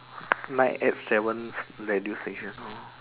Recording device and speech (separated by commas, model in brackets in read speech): telephone, conversation in separate rooms